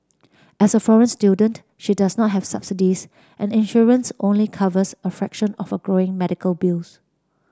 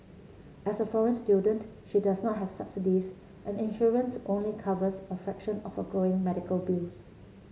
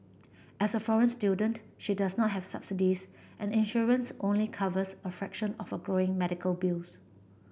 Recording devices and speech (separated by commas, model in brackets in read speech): standing microphone (AKG C214), mobile phone (Samsung C7), boundary microphone (BM630), read sentence